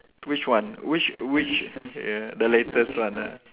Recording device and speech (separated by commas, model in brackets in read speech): telephone, conversation in separate rooms